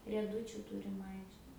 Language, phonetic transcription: Lithuanian, rieˈdučiu ˈturim ˈaikšte

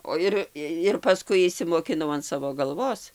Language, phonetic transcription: Lithuanian, o ˈir ir paˈskui išsimokiˈnau an ˈsavo galˈvos

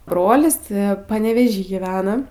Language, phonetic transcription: Lithuanian, ˈbrolis ˈti paneveˈžy gyˈvena

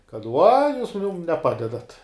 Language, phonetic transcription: Lithuanian, kad ˈvua ˈjūs ˈmum neˈpadedat'

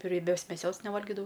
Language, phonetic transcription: Lithuanian, rieˈbios meˈsios neˈvalgidavau

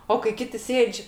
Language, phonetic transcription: Lithuanian, o kai ˈkiti ˈsėdž'

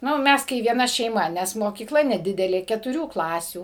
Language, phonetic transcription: Lithuanian, ˈnu ˈmes kai vieˈna šeiˈma ˈnes mokyˈkla neˈdidelė ketuˈrių ˈklasių

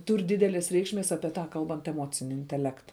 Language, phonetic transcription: Lithuanian, ˈtūr ˈdydelės ˈreikšˌmės apie ˈta ˈkalbant eˈmocini inteˈlekta

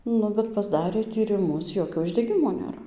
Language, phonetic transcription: Lithuanian, ˈnu bet pasˈdarė tyriˈmus ˈjokio uždeˈgimo nėˈra

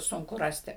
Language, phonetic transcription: Lithuanian, ˈsunku ˈrasti

